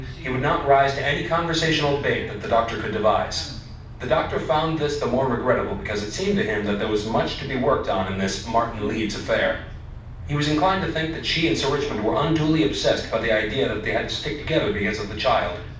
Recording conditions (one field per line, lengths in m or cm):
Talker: one person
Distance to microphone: 5.8 m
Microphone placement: far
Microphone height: 1.8 m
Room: medium-sized (5.7 m by 4.0 m)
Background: television